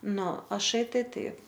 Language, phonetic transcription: Lithuanian, ˈnu aˈšai ˈtai ˈtaip

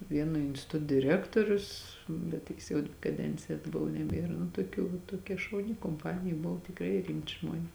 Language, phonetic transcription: Lithuanian, ˈvieno instiˈtut diˈrektorius bet ˈtiks jau kaˈdencija atˈbuv neˈbiera nu tuoˈkių va toˈkia šauˈni komˈpanija ˈbuv tikˈrai ˈrimti ˈžmuones

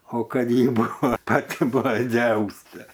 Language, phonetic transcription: Lithuanian, o ˈkad ˈji ˈbuvo ˈpati bloˈgiausia

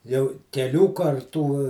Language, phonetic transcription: Lithuanian, jau keˈlių karˈtų

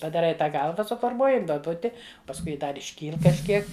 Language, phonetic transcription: Lithuanian, padaˈrai ˈtą ˈgalva suforˈmuoji duoˈbuti pasˈkui ˈdar išˈkyl kažˈkiek

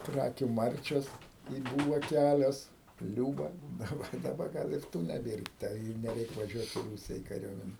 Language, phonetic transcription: Lithuanian, ˈkrakiu ˈmarčios i ˈbuva ˈkælios ˈliūba daˈba daˈba ˈgal ir ˈtų neˈbėr ta i neˈreik vaˈžiuot i ˈrūsija i kaˈriuomene

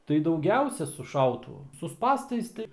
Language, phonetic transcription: Lithuanian, tai dauˈgiausia su ˈšautuvu su ˈspąstais tai

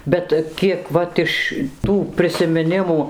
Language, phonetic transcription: Lithuanian, ˈbet ˈkiek ˈvat iš ˈtų prisimiˈnimų

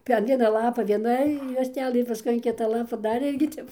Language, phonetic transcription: Lithuanian, per ˈviena ˈlapa vieˈna juostˈelɘ ir paˈskui an ˈkita ˈlapa ˈdar ˈirgi ˈtep

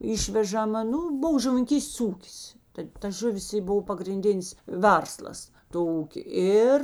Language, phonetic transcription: Lithuanian, ˈišvežama ˈnū ˈbuv žuvininˈkystės ˈūkis tai ta ˈžuˌvis i ˈbov pagrinˈdinis ˈverslas to ˈūkė ˈir

